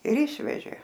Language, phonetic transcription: Lithuanian, ir ˈišvežė

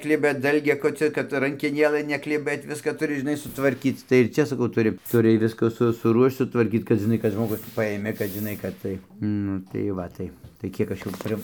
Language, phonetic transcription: Lithuanian, ˈkliba ˈdalgiakocio kad rankeˈnėlɘ nekliˈbɘt ˈviska tuˈri žiˈnai sutvarˈkyc tai ir ˈčia saˈkau ˈturi tuˈri ˈviska su suˈruošč sutvarˈkyc kad žiˈnai kad žmoˈgus ˈpajėmė kad žiˈnai kad ˈtai ˈnu tai ˈva tai tai ˈkiek ˈaš jum ˈpri

